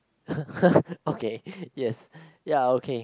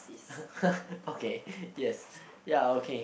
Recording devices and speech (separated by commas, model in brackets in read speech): close-talking microphone, boundary microphone, conversation in the same room